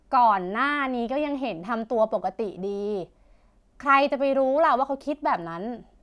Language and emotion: Thai, frustrated